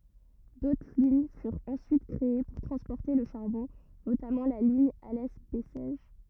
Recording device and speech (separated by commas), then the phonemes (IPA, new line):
rigid in-ear microphone, read sentence
dotʁ liɲ fyʁt ɑ̃syit kʁee puʁ tʁɑ̃spɔʁte lə ʃaʁbɔ̃ notamɑ̃ la liɲ alɛ bɛsɛʒ